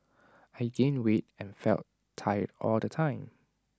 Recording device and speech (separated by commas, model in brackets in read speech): standing microphone (AKG C214), read sentence